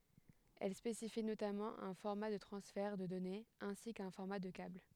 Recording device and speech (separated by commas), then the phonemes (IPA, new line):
headset microphone, read sentence
ɛl spesifi notamɑ̃ œ̃ fɔʁma də tʁɑ̃sfɛʁ də dɔnez ɛ̃si kœ̃ fɔʁma də kabl